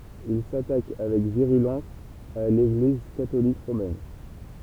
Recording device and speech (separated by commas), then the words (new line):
temple vibration pickup, read sentence
Il s'attaque avec virulence à l'Église catholique romaine.